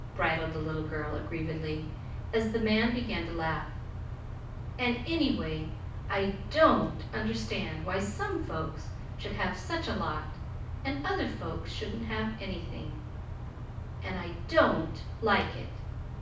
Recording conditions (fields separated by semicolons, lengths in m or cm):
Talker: one person; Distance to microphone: 5.8 m; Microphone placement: far; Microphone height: 1.8 m; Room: medium-sized (5.7 m by 4.0 m); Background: none